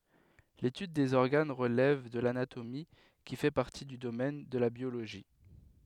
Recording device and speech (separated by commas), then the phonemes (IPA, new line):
headset microphone, read sentence
letyd dez ɔʁɡan ʁəlɛv də lanatomi ki fɛ paʁti dy domɛn də la bjoloʒi